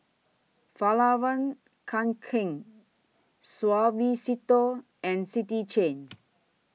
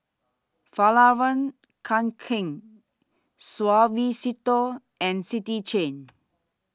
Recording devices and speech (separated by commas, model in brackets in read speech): mobile phone (iPhone 6), standing microphone (AKG C214), read sentence